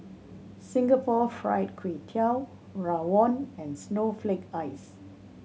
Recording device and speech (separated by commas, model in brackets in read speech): mobile phone (Samsung C7100), read sentence